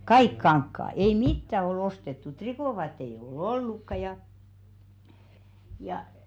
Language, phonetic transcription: Finnish, "kaik 'kaŋkkaa , 'ei "mittä o'l ‿ostettu 'trikòvaattei eiʲ ‿o'ʟ ‿ollukka ja , ja .
- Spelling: kaikki kankaat ei mitään ole ostettu trikoovaatteita ei ole ollutkaan ja ja

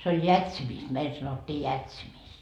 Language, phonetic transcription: Finnish, se oj "jätsimist meil sanottii "jätsimist .
- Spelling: se on jätsimistä meillä sanottiin jätsimistä

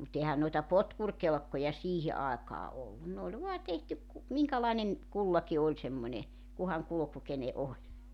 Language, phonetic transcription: Finnish, mut 'ehän noita "potkurkelkkoja "siihi 'aekaa 'ollun ne oĺ 'voa 'tehtyk ku , 'miŋkälainen , 'kullaki 'oĺ semmońe , kuhaŋ 'kuluku 'kene ’oĺ .
- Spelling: mutta eihän noita potkurikelkkoja siihen aikaan ollut ne oli vain tehty kun minkälainen kullakin oli semmoinen kunhan kulku kenen oli

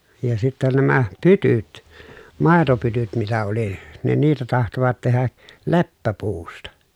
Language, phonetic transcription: Finnish, ja sittä nämä , pytyt , màetopytyt mitä oli , ne niitä tahtovat tehä , leppäpuusta .
- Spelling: ja sitten nämä pytyt maitopytyt mitä oli ne niitä tahtoivat tehdä leppäpuusta

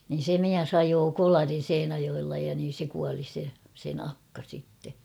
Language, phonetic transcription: Finnish, nin̬ 'se "miäs ‿'ajoo "kolarin̬ 'Seinäjoella ja niin̬ se 'kuali se , sen ‿'akka sitte .
- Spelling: niin se mies ajoi kolarin Seinäjoella ja niin se kuoli se sen akka sitten

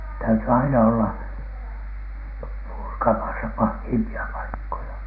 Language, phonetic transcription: Finnish, täyty aina 'olla , "purkamasa 'pahhiimpi₍a paikkoja .
- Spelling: täytyi aina olla purkamassa pahimpia paikkoja

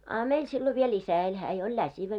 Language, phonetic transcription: Finnish, a 'meil sillo viel "isä eĺ 'hää jo oĺ "läsivä .
- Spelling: a meillä silloin vielä isä eli hän jo oli läsivä

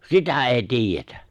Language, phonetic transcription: Finnish, sitä 'èi 'tiijjetä !
- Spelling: sitä ei tiedetä

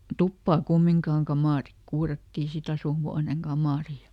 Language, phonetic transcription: Finnish, ˈtuppaa "kummiŋkaaŋ ˈkamàrik ˈkuurattii siˈt ‿asùhuaneŋ ˈGamàri ja ,.
- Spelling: tupaa kumminkaan kamari kuurattiin sitten asuinhuoneen kamari ja

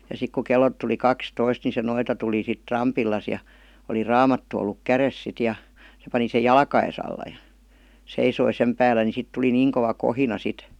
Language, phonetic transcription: Finnish, ja sik ku 'kellot tuli "kakstoist ni se 'noita tuli sit 'rampillas , ja , oli "raamattu olluk 'käres sit ja , se pani sej̆ "jalka₍es ‿alla jA , 'seisoi 'sem päällä ni 'sit tuli "niiŋ kova 'kohina sit .
- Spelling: ja sitten kun kellot tuli kaksitoista niin se noita tuli sitten rampilleen ja oli raamattu ollut kädessä sitten ja se pani sen jalkojensa alla ja seisoi sen päällä niin sitten tuli niin kova kohina sitten

